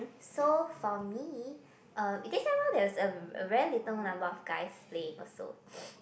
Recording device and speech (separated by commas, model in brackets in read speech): boundary microphone, conversation in the same room